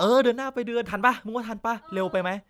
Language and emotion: Thai, happy